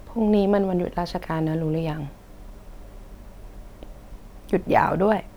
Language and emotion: Thai, sad